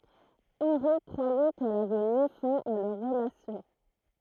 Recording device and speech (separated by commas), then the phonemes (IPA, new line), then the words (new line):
throat microphone, read sentence
ɑ̃ʁi kʁwajɛ kɛl avɛ mi fɛ̃ a lœʁ ʁəlasjɔ̃
Henry croyait qu’elle avait mis fin à leur relation.